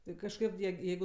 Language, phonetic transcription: Lithuanian, ˈtai kažˈkad jie ˈjeigu

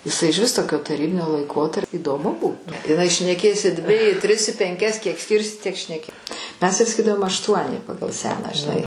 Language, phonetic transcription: Lithuanian, iˈsai ižˈvis ˈtokio taˈrybinio laiˈkotarp' įdoˈmu ˈbūtu iˈnai šneˈkės i dvi i tris i penˈkias kiek ˈskyrsi tiek šneˈki ˈmes tai saˈkydavom ašˈtuoni ˈpagal ˈseną žiˈnai

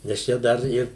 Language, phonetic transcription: Lithuanian, nes ˈčia ˈdar ˈir

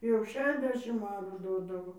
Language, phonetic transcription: Lithuanian, jau ˈšešiasˌdešim ˈarų ˈdodavo

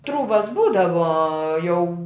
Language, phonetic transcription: Lithuanian, ˈtrūbas ˈbūdavo jau

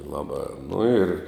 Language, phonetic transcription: Lithuanian, ˈlaˌbā nu ir

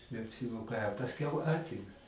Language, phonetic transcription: Lithuanian, neapsiˈmoka a pasˈkiau ˈatime

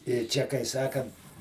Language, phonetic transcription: Lithuanian, ir ˈčia kai ˈsakant

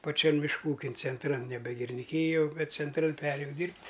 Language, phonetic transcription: Lithuanian, paˈčian mišˈkų ˈūkin cenˈtran ˈnebe giriniˈkyjo ˈbet cenˈtran ˈperėjau ˈdyrbt'

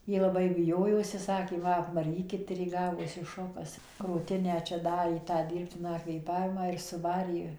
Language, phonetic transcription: Lithuanian, ˈji laˈbai biˈjojosi ˈsakė ˈma apmaˈrykit ir jai ˈgavosi ˈšokas krūˈtinę čia ˈdarė tą ˈdyrbtiną kvėˈpavimą ir suˈvarė

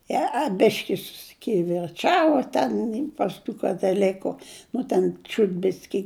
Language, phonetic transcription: Lithuanian, jie a ˈbiški susikivirˈčava ˈten pas ˈtų kataˈliku ˈnu ten ˈčiūt ˈbiski

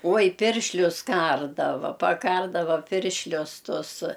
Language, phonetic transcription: Lithuanian, ˈoj ˈpiršlius ˈkardava paˈkardava ˈpiršlius ˈtus

